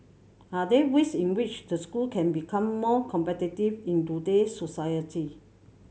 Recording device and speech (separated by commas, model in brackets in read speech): mobile phone (Samsung C7100), read sentence